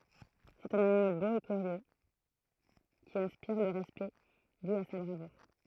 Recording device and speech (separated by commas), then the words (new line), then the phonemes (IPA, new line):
throat microphone, read sentence
C’est un animal beau et curieux qui inspire le respect dû à sa bravoure.
sɛt œ̃n animal bo e kyʁjø ki ɛ̃spiʁ lə ʁɛspɛkt dy a sa bʁavuʁ